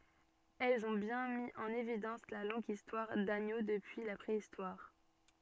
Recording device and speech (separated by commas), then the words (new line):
soft in-ear microphone, read sentence
Elles ont bien mis en évidence la longue histoire d'Agneaux depuis la Préhistoire.